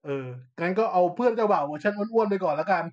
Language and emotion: Thai, neutral